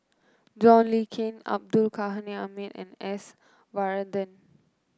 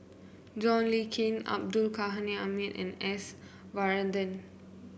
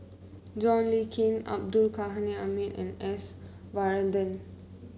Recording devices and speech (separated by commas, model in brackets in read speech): close-talking microphone (WH30), boundary microphone (BM630), mobile phone (Samsung C9), read sentence